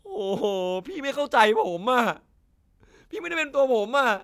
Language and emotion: Thai, sad